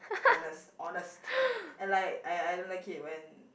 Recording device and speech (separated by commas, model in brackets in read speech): boundary microphone, conversation in the same room